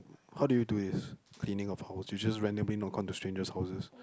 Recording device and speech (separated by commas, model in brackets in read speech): close-talking microphone, conversation in the same room